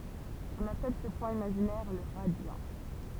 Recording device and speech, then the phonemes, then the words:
temple vibration pickup, read sentence
ɔ̃n apɛl sə pwɛ̃ imaʒinɛʁ lə ʁadjɑ̃
On appelle ce point imaginaire le radiant.

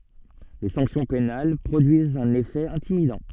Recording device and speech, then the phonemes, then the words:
soft in-ear microphone, read sentence
le sɑ̃ksjɔ̃ penal pʁodyizt œ̃n efɛ ɛ̃timidɑ̃
Les sanctions pénales produisent un effet intimidant.

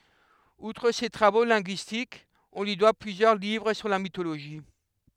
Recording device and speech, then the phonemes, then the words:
headset microphone, read sentence
utʁ se tʁavo lɛ̃ɡyistikz ɔ̃ lyi dwa plyzjœʁ livʁ syʁ la mitoloʒi
Outre ses travaux linguistiques, on lui doit plusieurs livres sur la mythologie.

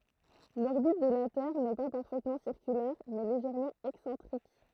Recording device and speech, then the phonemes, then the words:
throat microphone, read sentence
lɔʁbit də la tɛʁ nɛ pa paʁfɛtmɑ̃ siʁkylɛʁ mɛ leʒɛʁmɑ̃ ɛksɑ̃tʁik
L'orbite de la Terre n'est pas parfaitement circulaire, mais légèrement excentrique.

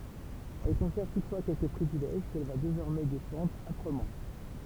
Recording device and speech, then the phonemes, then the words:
temple vibration pickup, read sentence
ɛl kɔ̃sɛʁv tutfwa kɛlkə pʁivilɛʒ kɛl va dezɔʁmɛ defɑ̃dʁ apʁəmɑ̃
Elle conserve toutefois quelques privilèges qu’elle va désormais défendre âprement.

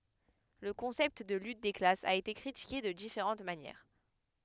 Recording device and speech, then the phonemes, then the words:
headset microphone, read sentence
lə kɔ̃sɛpt də lyt de klasz a ete kʁitike də difeʁɑ̃t manjɛʁ
Le concept de lutte des classes a été critiqué de différentes manières.

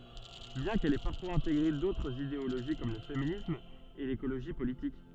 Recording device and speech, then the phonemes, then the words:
soft in-ear microphone, read sentence
bjɛ̃ kɛl ɛ paʁfwaz ɛ̃teɡʁe dotʁz ideoloʒi kɔm lə feminism e lekoloʒi politik
Bien qu'elle ait parfois intégré d'autres idéologie comme le féminisme et l'écologie politique.

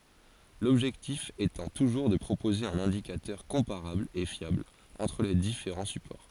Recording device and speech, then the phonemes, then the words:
forehead accelerometer, read sentence
lɔbʒɛktif etɑ̃ tuʒuʁ də pʁopoze œ̃n ɛ̃dikatœʁ kɔ̃paʁabl e fjabl ɑ̃tʁ le difeʁɑ̃ sypɔʁ
L'objectif étant toujours de proposer un indicateur comparable et fiable entre les différents supports.

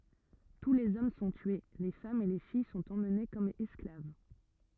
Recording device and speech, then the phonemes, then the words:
rigid in-ear microphone, read sentence
tu lez ɔm sɔ̃ tye le famz e le fij sɔ̃t emne kɔm ɛsklav
Tous les hommes sont tués, les femmes et les filles sont emmenées comme esclaves.

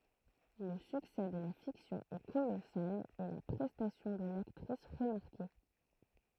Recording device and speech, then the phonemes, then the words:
throat microphone, read sentence
lə syksɛ də la fiksjɔ̃ ɛ kolɔsal e la pʁɛstasjɔ̃ də laktʁis ʁəmaʁke
Le succès de la fiction est colossal et la prestation de l'actrice remarquée.

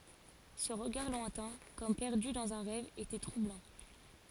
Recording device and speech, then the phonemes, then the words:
forehead accelerometer, read sentence
sə ʁəɡaʁ lwɛ̃tɛ̃ kɔm pɛʁdy dɑ̃z œ̃ ʁɛv etɛ tʁublɑ̃
Ce regard lointain, comme perdu dans un rêve, était troublant.

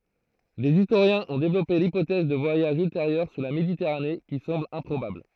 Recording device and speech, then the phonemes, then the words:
throat microphone, read sentence
dez istoʁjɛ̃z ɔ̃ devlɔpe lipotɛz də vwajaʒz ylteʁjœʁ syʁ la meditɛʁane ki sɑ̃bl ɛ̃pʁobabl
Des historiens ont développé l'hypothèse de voyages ultérieurs sur la Méditerranée, qui semble improbable.

